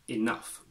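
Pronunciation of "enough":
'Enough' is pronounced the British English way, with an i sound at the start rather than a schwa.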